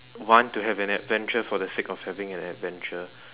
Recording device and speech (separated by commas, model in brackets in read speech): telephone, conversation in separate rooms